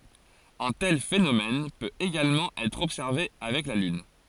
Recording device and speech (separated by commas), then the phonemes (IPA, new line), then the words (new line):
forehead accelerometer, read sentence
œ̃ tɛl fenomɛn pøt eɡalmɑ̃ ɛtʁ ɔbsɛʁve avɛk la lyn
Un tel phénomène peut également être observé avec la Lune.